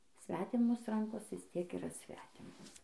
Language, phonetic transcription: Lithuanian, ˈsvetimos ˈrankos visˈ tiek yˈra ˈsvetimos

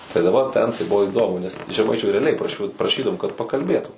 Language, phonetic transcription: Lithuanian, tai da ˈva ˈten tai ˈbuvo iˈdomu nes žeˈmaičių reaˈliai praˈšiu praˈšydavom kad pakalˈbėtu

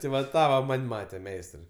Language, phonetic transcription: Lithuanian, ti va ˈtą va ˈman' ˈmate ˈmeistrai

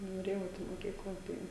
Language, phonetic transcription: Lithuanian, noˈrėjau ˈeit i moˈkykla ˈtai

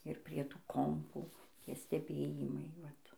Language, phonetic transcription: Lithuanian, ir prie ˈtų ˈkompų ˈtie steˈbėjimai ˈvat

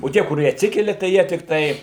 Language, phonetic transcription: Lithuanian, o ˈtie kuˈrie atˈsikelia tai ˈjie tikˈtai

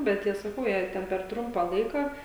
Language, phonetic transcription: Lithuanian, bet ˈjie saˈkau jei ˈten per ˈtrumpą ˈlaiką

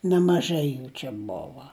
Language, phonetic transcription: Lithuanian, nemaˈžai ˈjų čia ˈbova

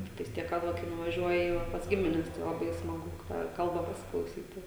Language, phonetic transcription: Lithuanian, ˈtiktais ˈtiek kad ˈva kai nuvaˈžiuoji jau va pas ˈgimines tai laˈbai smaˈgu tą ˈkalba pasiklauˈsyti

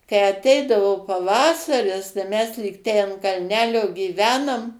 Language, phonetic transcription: Lithuanian, kai aˈteidavo paˈvasaris tai ˈmes lyg ˈtei ant kalˈnelio gyˈvenom

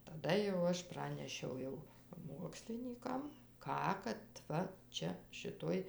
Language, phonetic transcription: Lithuanian, taˈda jau ˈaš ˈpranešiau jau ˈmuokslinykam ˈką kad ˈva ˈčia šiˈtoj

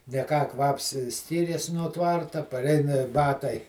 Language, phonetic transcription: Lithuanian, ne ˈką ˈkvaps ˈskyrės nuo ˈtvarta paˈreina ˈbatai

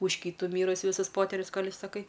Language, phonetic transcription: Lithuanian, už ˈkytu ˈmyrusi ˈvisus ˈpoterius ˈkol' išsaˈkai

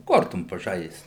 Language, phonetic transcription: Lithuanian, ˈkortom paˈžaist

